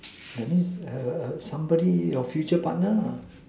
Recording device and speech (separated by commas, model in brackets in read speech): standing microphone, conversation in separate rooms